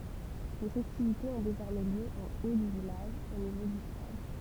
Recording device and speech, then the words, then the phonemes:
temple vibration pickup, read sentence
Les festivités ont désormais lieu en haut du village, au niveau du stade.
le fɛstivitez ɔ̃ dezɔʁmɛ ljø ɑ̃ o dy vilaʒ o nivo dy stad

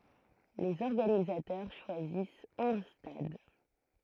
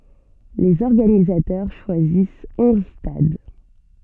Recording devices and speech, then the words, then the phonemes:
throat microphone, soft in-ear microphone, read sentence
Les organisateurs choisissent onze stades.
lez ɔʁɡanizatœʁ ʃwazis ɔ̃z stad

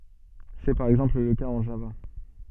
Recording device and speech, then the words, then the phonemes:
soft in-ear microphone, read sentence
C'est par exemple le cas en Java.
sɛ paʁ ɛɡzɑ̃pl lə kaz ɑ̃ ʒava

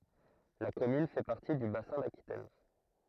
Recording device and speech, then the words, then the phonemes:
throat microphone, read sentence
La commune fait partie du Bassin d'Aquitaine.
la kɔmyn fɛ paʁti dy basɛ̃ dakitɛn

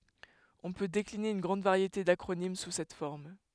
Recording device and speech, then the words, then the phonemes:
headset microphone, read sentence
On peut décliner une grande variété d'acronymes sous cette forme.
ɔ̃ pø dekline yn ɡʁɑ̃d vaʁjete dakʁonim su sɛt fɔʁm

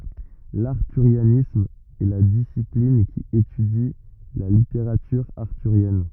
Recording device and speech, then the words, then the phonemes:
rigid in-ear microphone, read sentence
L’arthurianisme est la discipline qui étudie la littérature arthurienne.
laʁtyʁjanism ɛ la disiplin ki etydi la liteʁatyʁ aʁtyʁjɛn

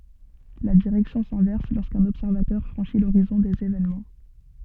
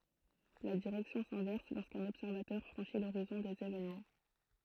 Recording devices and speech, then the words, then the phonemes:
soft in-ear microphone, throat microphone, read sentence
La direction s'inverse lorsqu'un observateur franchit l'horizon des événements.
la diʁɛksjɔ̃ sɛ̃vɛʁs loʁskœ̃n ɔbsɛʁvatœʁ fʁɑ̃ʃi loʁizɔ̃ dez evenmɑ̃

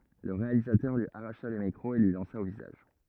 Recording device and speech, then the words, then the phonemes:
rigid in-ear microphone, read sentence
Le réalisateur lui arracha le micro et lui lança au visage.
lə ʁealizatœʁ lyi aʁaʃa lə mikʁo e lyi lɑ̃sa o vizaʒ

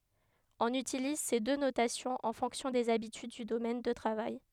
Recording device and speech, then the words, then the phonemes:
headset microphone, read sentence
On utilise ces deux notations en fonction des habitudes du domaine de travail.
ɔ̃n ytiliz se dø notasjɔ̃z ɑ̃ fɔ̃ksjɔ̃ dez abityd dy domɛn də tʁavaj

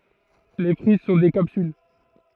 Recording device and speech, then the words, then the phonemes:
throat microphone, read sentence
Les fruits sont des capsules.
le fʁyi sɔ̃ de kapsyl

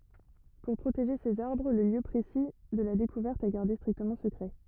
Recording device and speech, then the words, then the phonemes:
rigid in-ear microphone, read sentence
Pour protéger ces arbres, le lieu précis de la découverte est gardé strictement secret.
puʁ pʁoteʒe sez aʁbʁ lə ljø pʁesi də la dekuvɛʁt ɛ ɡaʁde stʁiktəmɑ̃ səkʁɛ

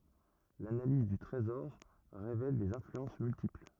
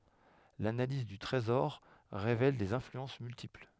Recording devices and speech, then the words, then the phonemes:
rigid in-ear microphone, headset microphone, read sentence
L'analyse du trésor révèle des influences multiples.
lanaliz dy tʁezɔʁ ʁevɛl dez ɛ̃flyɑ̃s myltipl

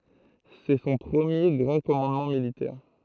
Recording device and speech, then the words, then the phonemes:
throat microphone, read sentence
C'est son premier grand commandement militaire.
sɛ sɔ̃ pʁəmje ɡʁɑ̃ kɔmɑ̃dmɑ̃ militɛʁ

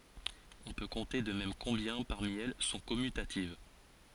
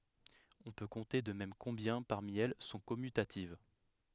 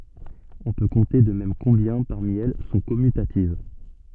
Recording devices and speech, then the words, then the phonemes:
forehead accelerometer, headset microphone, soft in-ear microphone, read sentence
On peut compter de même combien, parmi elles, sont commutatives.
ɔ̃ pø kɔ̃te də mɛm kɔ̃bjɛ̃ paʁmi ɛl sɔ̃ kɔmytativ

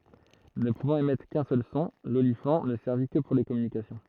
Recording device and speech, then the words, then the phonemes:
throat microphone, read sentence
Ne pouvant émettre qu'un seul son, l'olifant ne servit que pour les communications.
nə puvɑ̃t emɛtʁ kœ̃ sœl sɔ̃ lolifɑ̃ nə sɛʁvi kə puʁ le kɔmynikasjɔ̃

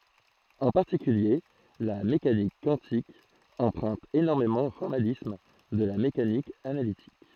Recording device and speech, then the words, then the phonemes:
throat microphone, read sentence
En particulier, la mécanique quantique emprunte énormément au formalisme de la mécanique analytique.
ɑ̃ paʁtikylje la mekanik kwɑ̃tik ɑ̃pʁœ̃t enɔʁmemɑ̃ o fɔʁmalism də la mekanik analitik

